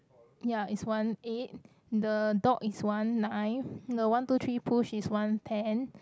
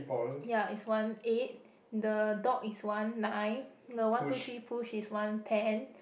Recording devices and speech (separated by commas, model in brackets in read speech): close-talking microphone, boundary microphone, conversation in the same room